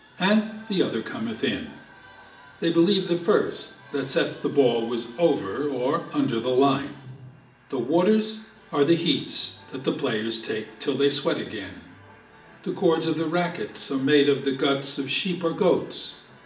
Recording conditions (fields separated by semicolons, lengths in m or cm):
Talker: one person; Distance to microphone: 1.8 m; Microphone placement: close; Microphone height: 1.0 m; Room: large; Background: television